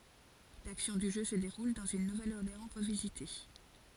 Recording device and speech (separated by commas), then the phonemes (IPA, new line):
forehead accelerometer, read sentence
laksjɔ̃ dy ʒø sə deʁul dɑ̃z yn nuvɛləɔʁleɑ̃ ʁəvizite